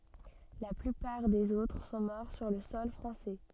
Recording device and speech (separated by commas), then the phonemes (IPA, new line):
soft in-ear microphone, read sentence
la plypaʁ dez otʁ sɔ̃ mɔʁ syʁ lə sɔl fʁɑ̃sɛ